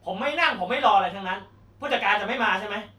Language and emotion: Thai, angry